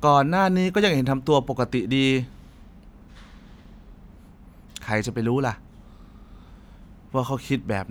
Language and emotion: Thai, frustrated